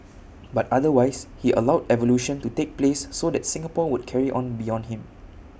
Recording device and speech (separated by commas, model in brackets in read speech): boundary microphone (BM630), read sentence